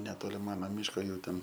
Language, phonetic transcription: Lithuanian, neˈtoli ˈmana ˈmiško ˈjų ˈten

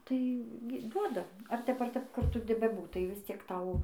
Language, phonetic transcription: Lithuanian, tai gi ˈduoda ar ˈtep ar ˈtep ˈkur ˈtu beˈbūtai visˈciek ˈtau

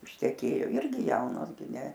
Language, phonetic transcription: Lithuanian, išteˈkėjo ˈirgi ˈjaunos gi ne

